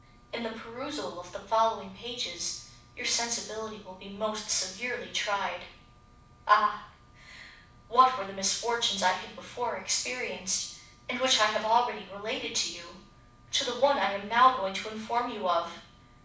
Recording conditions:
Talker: one person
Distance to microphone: 5.8 m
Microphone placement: far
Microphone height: 1.8 m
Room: medium-sized (5.7 m by 4.0 m)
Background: none

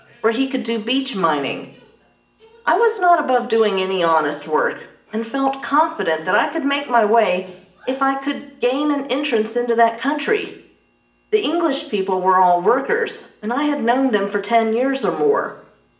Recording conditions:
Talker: one person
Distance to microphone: 1.8 m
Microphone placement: close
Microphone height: 1.0 m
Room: large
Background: television

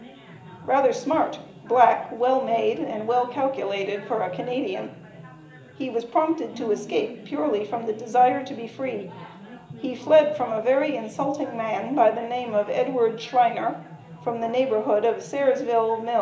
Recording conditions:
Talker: one person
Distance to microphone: 1.8 m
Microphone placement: close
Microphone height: 1.0 m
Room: large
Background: babble

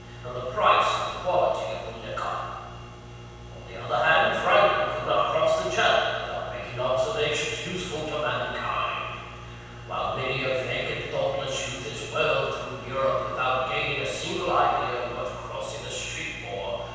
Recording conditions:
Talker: one person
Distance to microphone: 7.1 m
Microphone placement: far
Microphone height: 1.7 m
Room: very reverberant, large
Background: none

